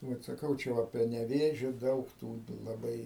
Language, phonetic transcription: Lithuanian, ˈbet saˈkau ˈčia va prie neˈvėžio ˈdaug tų laˈbai

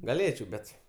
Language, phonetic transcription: Lithuanian, gaˈlėčiau ˈbet

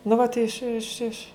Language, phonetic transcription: Lithuanian, nu ˈvat ˈiš iš iš

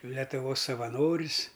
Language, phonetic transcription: Lithuanian, letuˈvos savaˈnoris

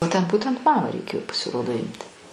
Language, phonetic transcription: Lithuanian, o ˈten ˈbūtent ˈmamą reiˈkėjo pasiˈrodo ˈimti

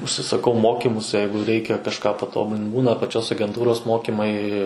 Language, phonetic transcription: Lithuanian, užsisaˈkau ˈmokimus ˈjeigu ˈreikia kažˈką paˈtobulin ˈbūna paˈčios agenˈtūros ˈmokimai

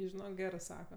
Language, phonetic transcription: Lithuanian, ˈi žiˈnok ˈgerɜ ˈsaka

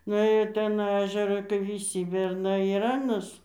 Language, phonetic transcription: Lithuanian, nuˈėjo ir ˈten ˈežera kai viˈsy berˈnai ir ˈanas

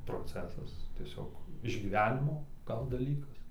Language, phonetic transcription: Lithuanian, proˈcesas tieˈsiog išgyˈvenimo ˈgal daˈlykas

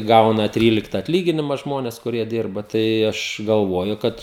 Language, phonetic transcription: Lithuanian, ˈgauna ˈtrylikta atˈlyginima ˈžmones kuˈrie ˈdirba tai ˈaš galˈvuoju ˈkad

